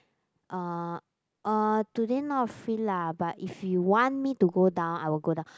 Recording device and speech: close-talking microphone, conversation in the same room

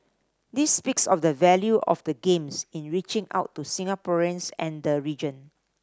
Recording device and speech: standing microphone (AKG C214), read sentence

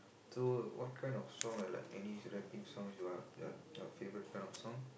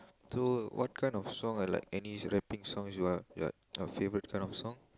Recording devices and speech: boundary microphone, close-talking microphone, conversation in the same room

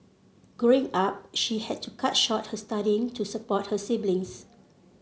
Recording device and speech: mobile phone (Samsung C7), read sentence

